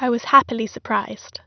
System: none